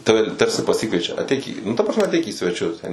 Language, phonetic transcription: Lithuanian, ˈtave ˈtarsi paˈsikviečia atˈeik į nu ta prasˈme atˈeik į sveˈčius ˈten

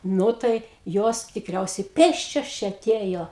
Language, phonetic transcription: Lithuanian, ˈnu tai ˈjos tikˈriausiai ˈpėsčios ˈčia aˈtėjo

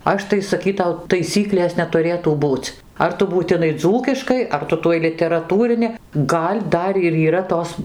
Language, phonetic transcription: Lithuanian, ˈaš tai saˈkytau taiˈsyklės netuˈrėtų ˈbūc ˈar tu būtiˈnai ˈdzūkiškai ˈar ˈtu tuoj literaˈtūrini ˈgal' ˈdar ir yˈra ˈtos

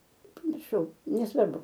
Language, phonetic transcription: Lithuanian, pamirˈšau neˈsvarbu

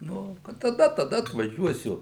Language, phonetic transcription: Lithuanian, ˈnu kad taˈda taˈda atvaˈžiuosiu

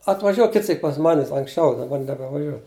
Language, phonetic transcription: Lithuanian, atvaˈžiuo ˈkit ˈsyk pas ˈmanis anksˈčiau daˈbar nebevaˈžiuo

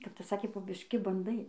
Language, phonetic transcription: Lithuanian, kap ˈtas ˈsakė po bišˈki banˈdai

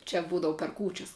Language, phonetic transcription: Lithuanian, čia ˈbūdavu per ˈkūčias

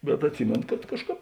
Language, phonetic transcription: Lithuanian, bet atˈsimėno kad ˈkažˌkāp

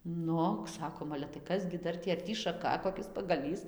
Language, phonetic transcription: Lithuanian, ˈnu ˈsakom ale tai ˈkas gi ˈdar tį ar ˈtį šaˈka koˈkis pagaˈlys

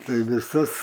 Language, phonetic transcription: Lithuanian, ˈtai viˈsas

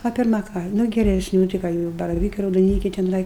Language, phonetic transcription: Lithuanian, a pirˈma ˈką ˈnu geresˈnių tai ˈką gi jau baraˈvykai raudoˈnykiai teˈnai

